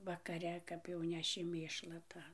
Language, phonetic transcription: Lithuanian, vakaˈre ˈkap jau ˈneši ˈmėšla ˈtą

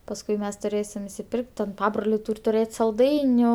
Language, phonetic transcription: Lithuanian, pasˈkui ˈmes tuˈrėsim isiˈpirk't' ten ˈpabroliai ˈtūr' tuˈrėt' salˈdainiu

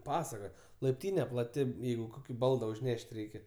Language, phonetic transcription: Lithuanian, ˈpasaka laipˈtyne plaˈti ˈjeigu ˈkoki ˈbalda užˈneš't' ˈreikia

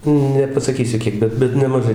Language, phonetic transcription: Lithuanian, nepasaˈkysiu ˈkiek ˈbet ˈbet nemaˈžai

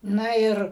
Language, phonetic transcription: Lithuanian, ˈna ˈir

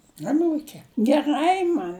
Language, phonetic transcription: Lithuanian, aˈnūkė geˈrai man

